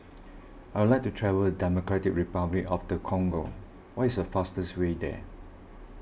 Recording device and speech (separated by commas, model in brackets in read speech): boundary microphone (BM630), read sentence